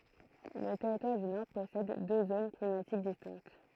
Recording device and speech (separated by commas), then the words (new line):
throat microphone, read sentence
Le Territoire du Nord possède deux zones climatiques distinctes.